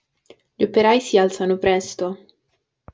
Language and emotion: Italian, neutral